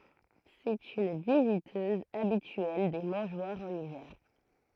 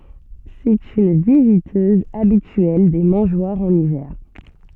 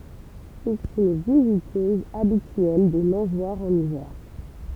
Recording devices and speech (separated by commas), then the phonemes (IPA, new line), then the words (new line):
throat microphone, soft in-ear microphone, temple vibration pickup, read sentence
sɛt yn vizitøz abityɛl de mɑ̃ʒwaʁz ɑ̃n ivɛʁ
C'est une visiteuse habituelle des mangeoires en hiver.